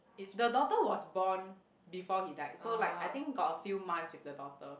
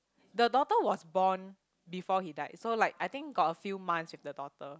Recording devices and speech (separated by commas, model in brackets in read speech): boundary microphone, close-talking microphone, conversation in the same room